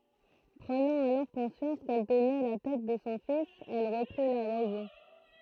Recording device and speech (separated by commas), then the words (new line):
throat microphone, read sentence
Prenant alors conscience qu'elle tenait la tête de son fils, elle reprit la raison.